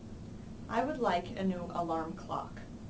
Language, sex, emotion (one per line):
English
female
neutral